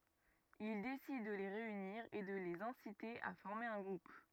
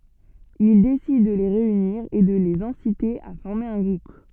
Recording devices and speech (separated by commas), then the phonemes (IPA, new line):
rigid in-ear microphone, soft in-ear microphone, read sentence
il desid də le ʁeyniʁ e də lez ɛ̃site a fɔʁme œ̃ ɡʁup